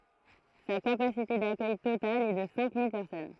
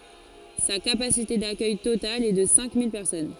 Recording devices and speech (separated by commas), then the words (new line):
throat microphone, forehead accelerometer, read sentence
Sa capacité d'accueil totale est de cinq mille personnes.